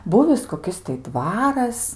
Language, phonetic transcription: Lithuanian, ˈbūvis koˈkis tai ˈdvaras

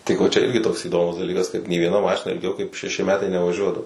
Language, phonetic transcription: Lithuanian, tik vo ˈčia ˈirgi toks įˈdomus daˈlykas kad nė vieˈna ˈmašina ilˈgiau kaip šeˈši ˈmetai nevaˈžiuodavo

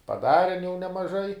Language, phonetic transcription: Lithuanian, paˈdaren jau nemaˈžai

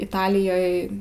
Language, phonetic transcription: Lithuanian, iˈtalijoj

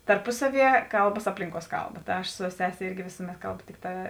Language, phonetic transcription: Lithuanian, tarˈpusaˌvie ˈkalbas ˈaplinˌkuos ˈkalˌba ta ˈaš su ˈsese ˈirgi ˈvisumet ˈkalbu ˈtikˌtā

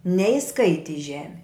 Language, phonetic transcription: Lithuanian, neiˈskaiti i ˈžemi

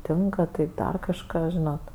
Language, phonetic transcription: Lithuanian, ˈtinka tai ˈdar kažˈką ˈžinot

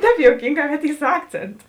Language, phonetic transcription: Lithuanian, ˈtēp jouˈkynˌgā kad ˈy su ˈakcėntu

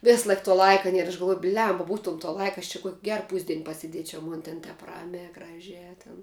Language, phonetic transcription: Lithuanian, ˈvis ˈlaik tuo ˈlaika ˈnier aš galˈvuoj ˈblemba ˈbūtuom to ˈlaika aš čia kuok' ˈger ˈpūsdien pasiˈdiečiau ˈmon ten ˈtep ˈramiā ˈgražiā tin

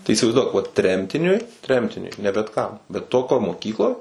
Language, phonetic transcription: Lithuanian, tai įsivaizˈduok vat ˈtremtiniui ˈtremtiniui ne bet kam bet ˈtokioj moˈkykloj

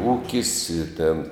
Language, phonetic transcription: Lithuanian, ˈūkis i tėn

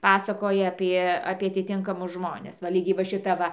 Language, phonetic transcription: Lithuanian, ˈpasakoja ˈapie apie atiˈtinkamus ˈžmones va ˈlygiai va šiˈta ˈva

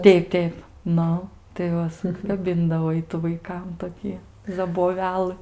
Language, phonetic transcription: Lithuanian, ˈteip ˈteip ˈnu tai ˈva suˈkabindavo ˈitu vaiˈkam toˈkį zaboˈvelɨ

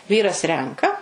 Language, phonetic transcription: Lithuanian, ˈvyras ˈrenka

